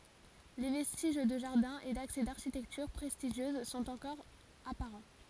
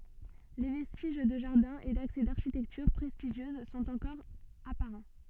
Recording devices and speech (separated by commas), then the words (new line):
forehead accelerometer, soft in-ear microphone, read sentence
Les vestiges de jardin et d'accès d'architecture prestigieuse sont encore apparents.